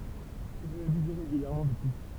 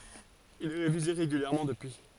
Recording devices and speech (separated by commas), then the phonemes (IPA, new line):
temple vibration pickup, forehead accelerometer, read sentence
il ɛ ʁevize ʁeɡyljɛʁmɑ̃ dəpyi